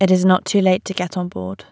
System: none